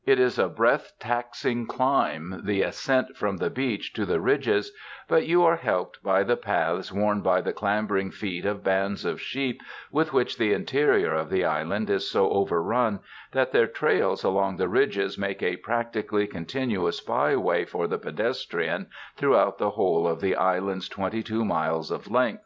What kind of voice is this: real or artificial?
real